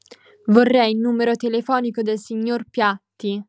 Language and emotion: Italian, angry